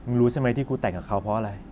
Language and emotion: Thai, frustrated